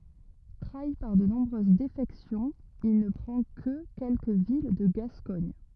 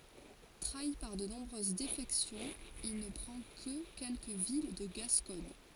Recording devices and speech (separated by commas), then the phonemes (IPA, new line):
rigid in-ear microphone, forehead accelerometer, read sentence
tʁai paʁ də nɔ̃bʁøz defɛksjɔ̃z il nə pʁɑ̃ kə kɛlkə vil də ɡaskɔɲ